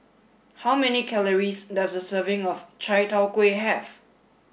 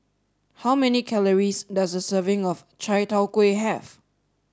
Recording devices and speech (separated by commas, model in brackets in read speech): boundary microphone (BM630), standing microphone (AKG C214), read sentence